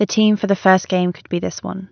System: none